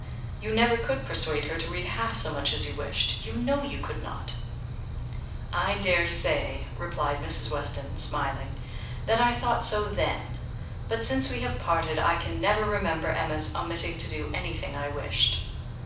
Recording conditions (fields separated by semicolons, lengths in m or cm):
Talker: one person; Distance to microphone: 5.8 m; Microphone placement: far; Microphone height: 1.8 m; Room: medium-sized (5.7 m by 4.0 m); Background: none